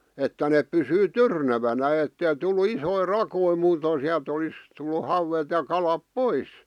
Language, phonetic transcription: Finnish, 'että neᵖ pysyy "tyrnävänä ettei tullu "isoi "rakoi 'muutoⁱ̀n̬ siäˡt olis , tullu 'hauwet ja kalap "pois .
- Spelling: että ne pysyi tyrnävänä että ei tullut isoja rakoja muuten sieltä olisi tullut hauet ja kalat pois

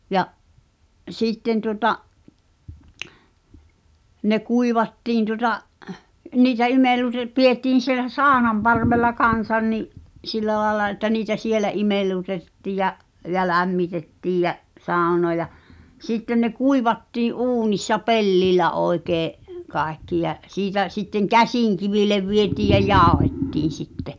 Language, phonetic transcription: Finnish, ja’ , '’sìtten tuota’ , ne 'kuivattiin tuŏta’ , 'niitä 'imellute- , 'piettiin̬ sielä "sàonamparvella 'kan̬san ni’ , 'sillä làela että niitä "sielä '’imel̆luteᵗᵉtti̳ ja͕’ , ja "lämmitettiij jä’ , 'sàu̬noa ja , 'sitten ne "kuivattii’ '’uunissa "pellil̆lä 'oi̬kee’ , 'kaekki jä’ , 'siitä , sitteŋ "käsìŋkivilev vietiij ja "jàu̬hettiin̬ sitte ,.
- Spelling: ja sitten tuota ne kuivattiin tuota niitä - pidettiin siellä saunanparvella kanssa niin sillä lailla että niitä siellä imellytettiin ja ja lämmitettiin ja saunaa ja sitten ne kuivattiin uunissa pellillä oikein kaikki ja siitä sitten käsikiville vietiin ja jauhettiin sitten

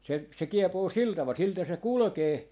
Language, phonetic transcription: Finnish, se , se 'kiepoo "sil taval 'siltä se "kulᵒkee , .
- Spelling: se se kiepoo sillä tavalla siltä se kulkee

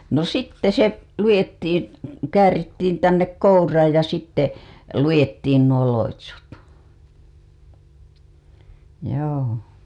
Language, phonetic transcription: Finnish, no 'sitte se , 'lujettiin , 'käärittiin tännek 'kouraaj ja sitte , 'lujettiin nuo 'loitsut , joo .
- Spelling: no sitten se luettiin käärittiin tänne kouraan ja sitten luettiin nuo loitsut joo

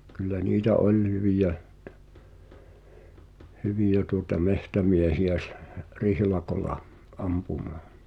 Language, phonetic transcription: Finnish, kyl̆lä niitä "ol̀ 'hyviʲä , 'hyviʲä tuŏta "mehtämiehi₍ä s- , "rihlakola , '’ampumᴀᴀ .
- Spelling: kyllä niitä oli hyviä hyviä tuota metsämiehiä - rihlakolla ampumaan

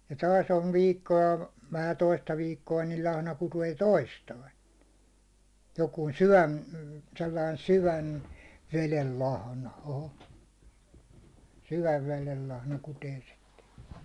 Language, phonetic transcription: Finnish, ja 'taas on viikko₍a , vähä 'toista viikko₍a nil lahna kutee "toistain̬ , jokuun̬ 'syvän , sellain "syvän , 'velel 'lahna , o'ho , 'syväv 'velel lahna kutee sitte .
- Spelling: ja taas on viikkoa vähän toista viikkoa niin lahna kutee toistain joku syvän sellainen syvän veden lahna oho syvän veden lahna kutee sitten

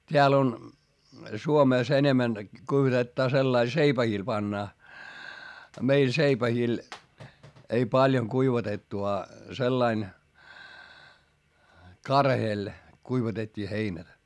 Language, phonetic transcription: Finnish, t́eäl ‿on , Suomès ‿enemän , kuivatettaa sellail seipähìl pannaa , a meil seipähìl , ei paljoŋ kuivatettu a , sellain , karheel , kuivatet́t́ii heinä .
- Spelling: täällä on Suomessa enemmän kuivatetaan sillä lailla seipäille pannaan a meillä seipäillä ei paljon kuivatettu a sellainen karheella kuivatettiin heinä

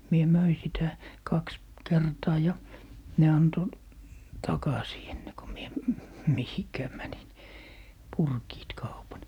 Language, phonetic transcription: Finnish, 'mie "möi 'sitä , 'kaks , "kertaa ja , ne 'anto , "takasii enne ko 'mie , "mihikää 'mänin , 'purkiit 'kaupan .
- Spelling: minä myin sitä kaksi kertaa ja ne antoi takaisin ennen kuin minä mihinkään menin purkivat kaupan

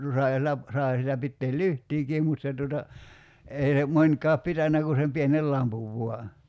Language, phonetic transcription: Finnish, no 'sai̬ siel̆lä , 'sai sielä 'pitteel "lyht̀iikiim mut se tuota , 'ei ne , 'mońkaap 'pitännä ku sem 'pienel "lampuv vua .
- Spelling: no sai siellä sai siellä pitää lyhtyäkin mutta se tuota ei ne monikaan pitänyt kuin sen pienen lampun vain

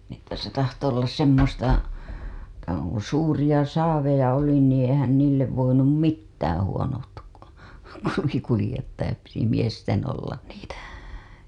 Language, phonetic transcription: Finnish, ni ‿että se tahto ollas semmosta , (kun̬) 'suuriʲa 'saaveja oli niiḭ eihän niillev voinum "mittäää̰ huonot , (kun̬ oli) kulĭjettajat piti 'miesten ollan niitä .
- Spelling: niin että se tahtoi olla semmoista kun suuria saaveja oli niin eihän niille voinut mitään huonot kun oli kuljettajat piti miesten olla niitä

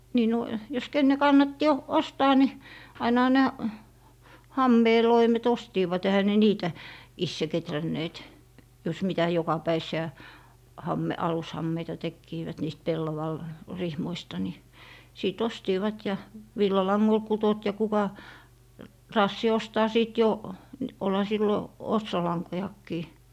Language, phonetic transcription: Finnish, nii no , jos 'kenne 'kannatti o- , "ostaa ni , 'ainaha nä- , "hammee 'loimet 'ostiivat ehä ne 'niitä , "isse 'ketränneet , jos 'mitä 'jokapäis̀i₍ä , 'hamme- , 'alushammeita "tekkiivät niist 'pellaval- , -'rihmoista ni , 'sìt "ostiivat ja , "villalaŋŋol 'kutot ja 'kuka , "raassi 'ostaa 'sìt jo , nⁱ , 'olha 'sillo , "otsolaŋkojakkii .
- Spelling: niin no jos kenen kannatti - ostaa niin ainahan - hameen loimet ostivat eihän ne niitä itse kehränneet jos mitä jokapäiväisiä - alushameita tekivät niistä - pellavarihmoista niin sitten ostivat ja villalangoilla kutoivat ja kuka raatsi ostaa sitten jo niin olihan silloin ostolankojakin

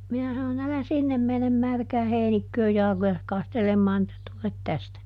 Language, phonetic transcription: Finnish, ˈminä sanon‿ » älä "sinnem menem ˈmärkää ˈheinikkööj ˈjalᵃkojas ˈkastelemmaan ‿että ˈtulet ˈtästä » .
- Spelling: minä sanoin älä sinne mene märkään heinikköön jalkojasi kastelemaan että tule tästä

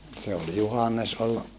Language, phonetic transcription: Finnish, se ol Juhannes ol ,.
- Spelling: se oli Juhannes oli

